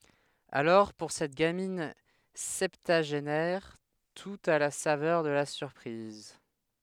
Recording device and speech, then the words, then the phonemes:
headset microphone, read sentence
Alors pour cette gamine septuagénaire, tout a la saveur de la surprise.
alɔʁ puʁ sɛt ɡamin sɛptyaʒenɛʁ tut a la savœʁ də la syʁpʁiz

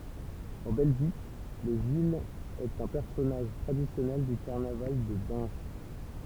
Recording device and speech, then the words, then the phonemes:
temple vibration pickup, read sentence
En Belgique, le gille est un personnage traditionnel du carnaval de Binche.
ɑ̃ bɛlʒik lə ʒil ɛt œ̃ pɛʁsɔnaʒ tʁadisjɔnɛl dy kaʁnaval də bɛ̃ʃ

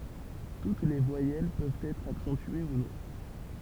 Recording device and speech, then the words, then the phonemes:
temple vibration pickup, read sentence
Toutes les voyelles peuvent être accentuées ou non.
tut le vwajɛl pøvt ɛtʁ aksɑ̃tye u nɔ̃

